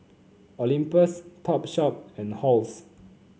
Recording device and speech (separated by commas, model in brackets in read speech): mobile phone (Samsung C9), read sentence